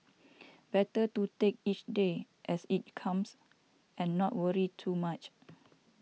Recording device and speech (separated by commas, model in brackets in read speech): mobile phone (iPhone 6), read sentence